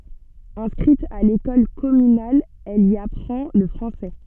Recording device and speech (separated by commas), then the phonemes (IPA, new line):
soft in-ear microphone, read sentence
ɛ̃skʁit a lekɔl kɔmynal ɛl i apʁɑ̃ lə fʁɑ̃sɛ